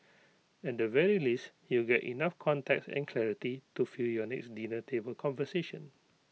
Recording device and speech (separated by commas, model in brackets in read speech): mobile phone (iPhone 6), read sentence